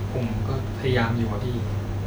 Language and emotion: Thai, sad